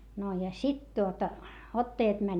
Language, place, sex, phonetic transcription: Finnish, Hietamäki, female, no ja sit tuota , ottajat mäń .
- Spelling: no ja sitten tuota ottajat meni

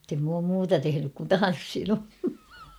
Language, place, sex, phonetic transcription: Finnish, Kauhava, female, [mut]tem m ‿oom muuta 'tehenyk kun "tan̬ssinu .
- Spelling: mutta en minä ole muuta tehnyt kuin tanssinut

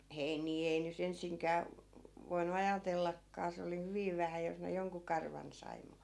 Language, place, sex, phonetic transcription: Finnish, Askola, female, 'heinii ei ny't ‿ensiŋkää , vo- , voinu "ajatellakkaa se oli 'hyviv vähä jos ne 'joŋku 'karvan sai mu ,.
- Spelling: heiniä ei nyt ensinkään - voinut ajatellakaan se oli hyvin vähän jos ne jonkun karvan sai mutta

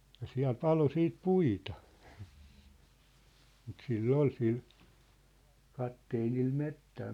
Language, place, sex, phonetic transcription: Finnish, Sippola, male, ja 'siä̭l "palo "siit "puita , mut 'sil"l ‿ol 'sil , 'katteenil 'mettää .
- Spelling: ja siellä paloi sitten puita mutta sillä oli sillä kapteenilla metsää

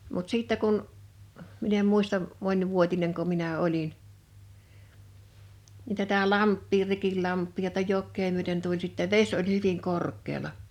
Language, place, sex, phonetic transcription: Finnish, Liperi, female, mut 'sìttä kun , min ‿em 'muistam , 'mońvuotineŋko 'minä 'olin , nin tätä 'lamp̆pii 'Rikillamp̆pii ja [tä]tä 'jok̆kee myöten tuĺ sittä "veś oĺ 'hyviŋ 'kork̆keela .
- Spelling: mutta sitten kun minä en muista monivuotinenko minä olin niin tätä lampea Rikinlampea ja tätä jokea myöten tuli sitten vesi oli hyvin korkealla

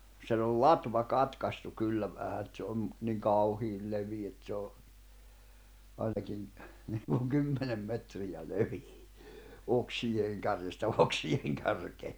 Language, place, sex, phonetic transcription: Finnish, Jämsä, male, sen ‿ol "latva 'katkastu 'kyllä vähä et se on nyt niŋ 'kauhiil levii et se o , ainakin , niŋkuŋ "kymmenem 'metrijä "levii , 'oksijeeŋ kärjestä 'oksijeeŋ kärkee .
- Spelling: sen oli latva katkaistu kyllä vähän että se on nyt niin kauhean leveä että se on ainakin niin kuin kymmenen metriä leveä oksien kärjestä oksien kärkeen

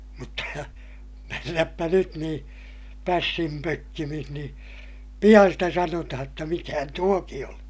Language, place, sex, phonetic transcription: Finnish, Ilmajoki, male, mutta , mennäppä nyt niḭ , pässim pökkimih nii , piʲan sitä sanotaha [j]otta mikähän tuoki on̬ .
- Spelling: mutta mennäpä nyt niin pässin pökkimissä niin pian sitä sanotaan jotta mikähän tuokin on

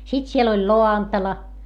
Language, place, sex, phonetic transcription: Finnish, Hietamäki, female, sit siel ‿oĺ loantala .
- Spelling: sitten siellä oli lantala

